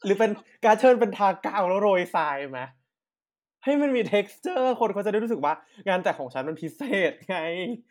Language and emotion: Thai, happy